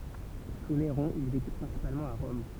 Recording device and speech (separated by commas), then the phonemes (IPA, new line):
temple vibration pickup, read sentence
su neʁɔ̃ il veky pʁɛ̃sipalmɑ̃t a ʁɔm